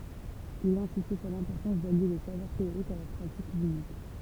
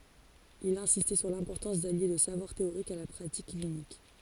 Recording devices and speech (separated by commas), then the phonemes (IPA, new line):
temple vibration pickup, forehead accelerometer, read sentence
il ɛ̃sistɛ syʁ lɛ̃pɔʁtɑ̃s dalje lə savwaʁ teoʁik a la pʁatik klinik